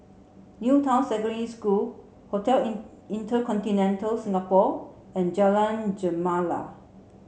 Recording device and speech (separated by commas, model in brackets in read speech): mobile phone (Samsung C7), read sentence